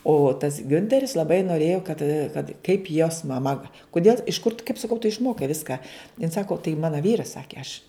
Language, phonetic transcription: Lithuanian, o tas ˈgiunteris laˈbai noˈrėjo kad kad kaip jos maˈma va kuˈdėl iš kur tu kaip saˈkau tu išˈmokai ˈviską jin ˈsako tai ˈmana ˈvyras ˈsakė aš

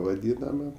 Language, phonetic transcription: Lithuanian, vaˈdynama

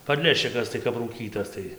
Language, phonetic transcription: Lithuanian, padˈleščikas tai kap rūˈkytas ˈtai

